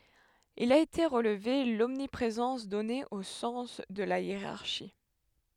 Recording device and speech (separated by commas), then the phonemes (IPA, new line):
headset microphone, read sentence
il a ete ʁəlve lɔmnipʁezɑ̃s dɔne o sɑ̃s də la jeʁaʁʃi